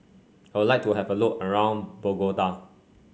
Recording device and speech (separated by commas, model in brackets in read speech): mobile phone (Samsung C5), read sentence